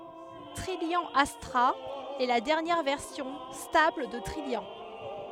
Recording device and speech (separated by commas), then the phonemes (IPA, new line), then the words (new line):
headset microphone, read sentence
tʁijjɑ̃ astʁa ɛ la dɛʁnjɛʁ vɛʁsjɔ̃ stabl də tʁijjɑ̃
Trillian Astra est la dernière version stable de Trillian.